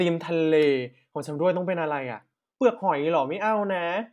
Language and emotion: Thai, happy